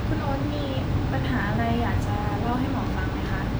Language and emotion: Thai, neutral